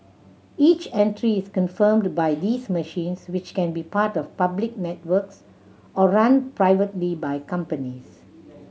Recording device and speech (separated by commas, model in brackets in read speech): mobile phone (Samsung C7100), read sentence